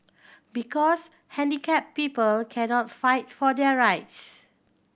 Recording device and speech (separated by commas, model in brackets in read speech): boundary microphone (BM630), read sentence